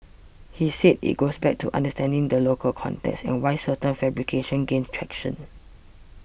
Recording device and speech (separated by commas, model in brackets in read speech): boundary microphone (BM630), read sentence